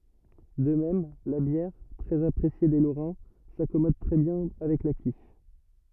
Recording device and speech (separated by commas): rigid in-ear microphone, read sentence